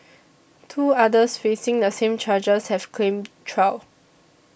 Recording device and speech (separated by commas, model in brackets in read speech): boundary microphone (BM630), read sentence